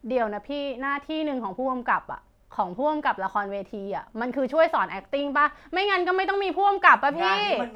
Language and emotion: Thai, angry